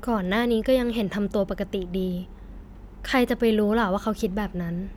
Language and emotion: Thai, neutral